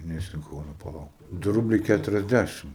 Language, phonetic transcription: Lithuanian, ˈnes in ˈkauna paˈlauk du ˈrubliai ˌkæturiasˈdæšim

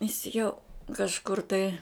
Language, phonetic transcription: Lithuanian, jis jau kažˈkur tai

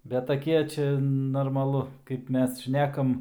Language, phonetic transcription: Lithuanian, bet taˈkie ˈčia normaˈlu kaip ˈmes ˈšnekam

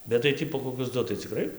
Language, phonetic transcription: Lithuanian, bet tai ˈtį po koˈkius ˈdu tai cikˈrai

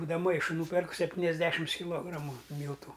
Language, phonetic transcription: Lithuanian, būdava ˈmaišu ˈnūperk sepˈtyniasˌdešims kiˈlogramu ˈmyltu

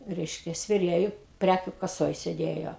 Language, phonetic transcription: Lithuanian, ˈreiškia sveˈrėju ˈprækiu kaˈsoj seˈdėjo

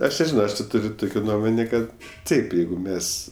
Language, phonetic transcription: Lithuanian, ˈaš neˈžino ˈaš ti ˈtur' ˈtukio ˈnuomonė ˈkad ˈtaip ˈjeigu ˈmes

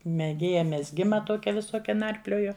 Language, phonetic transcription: Lithuanian, meˈgėja mezˈgima ˈtokia viˈsokia ˈnarplioju

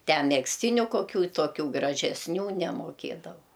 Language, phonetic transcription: Lithuanian, ˈte megzˈtyniu koˈkių toˈkių gražesˈnių nemoˈkėdavau

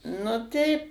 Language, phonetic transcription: Lithuanian, nu ˈteip

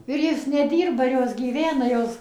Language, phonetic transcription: Lithuanian, ir ˈjos neˈdyrba ir ˈjos gyˈvena ˈjos

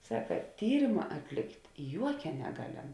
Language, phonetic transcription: Lithuanian, ˈsaka ˈtyrima atˈlikt' ˈjuokia neˈgaˌlem

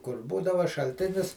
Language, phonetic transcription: Lithuanian, kur ˈbūdava šalˈtinis

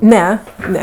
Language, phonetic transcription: Lithuanian, ˈne ˈne

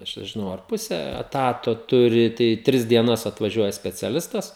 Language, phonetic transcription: Lithuanian, ˈaš nežiˈnau ar ˈpuse eˈtato ˈturi tai ˈtris dieˈnas atvaˈžiuoja speciaˈlistas

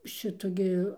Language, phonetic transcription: Lithuanian, ˈšitu gi

